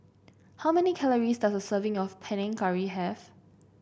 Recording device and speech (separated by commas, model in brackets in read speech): boundary microphone (BM630), read sentence